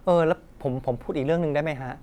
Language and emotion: Thai, neutral